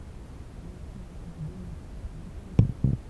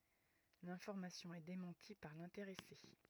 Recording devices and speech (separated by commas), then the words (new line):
temple vibration pickup, rigid in-ear microphone, read sentence
L'information est démentie par l'intéressé.